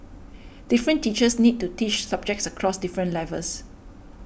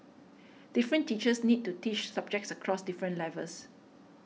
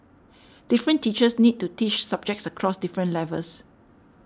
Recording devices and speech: boundary microphone (BM630), mobile phone (iPhone 6), standing microphone (AKG C214), read sentence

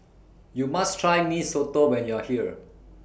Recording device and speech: boundary microphone (BM630), read sentence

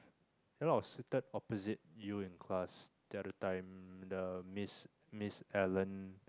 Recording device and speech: close-talking microphone, conversation in the same room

